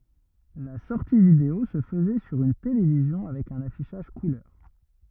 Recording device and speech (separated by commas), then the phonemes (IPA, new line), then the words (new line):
rigid in-ear microphone, read sentence
la sɔʁti video sə fəzɛ syʁ yn televizjɔ̃ avɛk œ̃n afiʃaʒ kulœʁ
La sortie vidéo se faisait sur une télévision avec un affichage couleur.